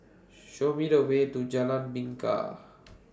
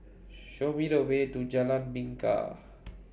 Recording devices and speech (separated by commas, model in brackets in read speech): standing microphone (AKG C214), boundary microphone (BM630), read sentence